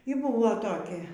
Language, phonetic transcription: Lithuanian, y ˈbuvo toˈkia

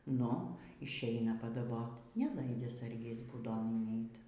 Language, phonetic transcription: Lithuanian, ˈnu išˈeina padaˈbot' neˈlaidzia ˈsargis būˈdon inˈeit

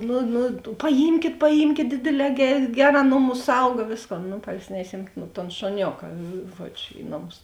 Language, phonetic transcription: Lithuanian, ˈnu nu paˈjymkėt paˈjymkėt ˈdėdėˌlē ˈger' ˈgeˌrā ˈnoˌmus ˈsauga ˈvėsˌkon nu parˈsinešiem ton šuˈnioka ˈžuodž' ˈi noˌmus

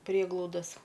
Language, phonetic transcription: Lithuanian, ˈprieglaudas

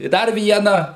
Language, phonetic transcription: Lithuanian, i ˈdar ˈvieną

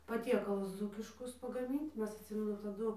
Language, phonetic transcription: Lithuanian, paˈtiekalus ˈdzūkiškus pagaˈmint ˈmes atˈsimenu taˈdu

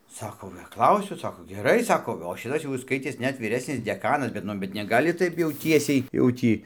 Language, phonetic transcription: Lithuanian, ˈsako paˈklausiu ˈsako geˈrai ˈsako o ˈšitas jau is ˈskaitės ˈnet vyˈresnis deˈkanas bet ˈnu bet neˈgali ˈtaip jau ˈtiesiai jau ˈtį

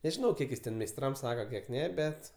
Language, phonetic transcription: Lithuanian, nežiˈnau ˈkiek jis ˈten meisˈtram ˈsaka ˈkiek ˈne ˈbet

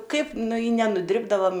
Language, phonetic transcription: Lithuanian, ˈkaip ˈnu i nenuˈdribdavam

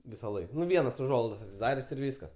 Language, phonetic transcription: Lithuanian, visaˈlaik ˈvienas uˈžuolaidas atiˈdarės' ir ˈvyskas

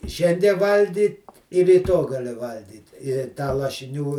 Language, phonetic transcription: Lithuanian, i ˈšiandie ˈvalgy ir ryˈto gaˈli ˈvalgyt i tą lašiˈnių

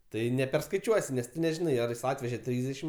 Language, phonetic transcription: Lithuanian, ˈtai neperskaiˈčiuosi nes tu neˈžinai ar ˈjis ˈatveže ˈtrysdešim

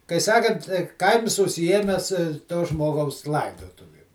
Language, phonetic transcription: Lithuanian, kai ˈsakant ˈkaims užsiˈjiemes to ˈžmogaus ˈlaidotuvim

